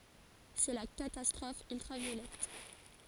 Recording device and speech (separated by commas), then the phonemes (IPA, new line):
forehead accelerometer, read sentence
sɛ la katastʁɔf yltʁavjolɛt